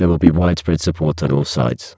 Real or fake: fake